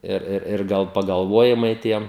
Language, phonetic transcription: Lithuanian, ir ˈir ir ˈgal pagalˈvojimai ˈtiem

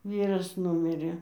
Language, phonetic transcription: Lithuanian, ˈvyras ˈnumirė

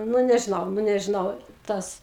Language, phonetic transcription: Lithuanian, nu nežiˈnau nu nežiˈnau ˈtas

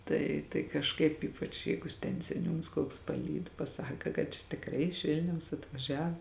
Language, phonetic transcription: Lithuanian, ˈtai tai kažˈkaip ˈypač ˈjeigu ten seˈniūns koks paˈlyd paˈsaka kad čia tikˈrai iš ˈvilniaus atvaˈžiav

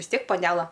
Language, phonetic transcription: Lithuanian, vis ˈtiek paˈnela

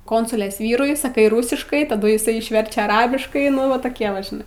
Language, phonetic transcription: Lithuanian, ˈkonsulės ˈvyrui saˈkai ˈrusiškai taˈdu jiˈsai išˈverčia aˈrabiškai ˈnu va toˈkie va žiˈnai

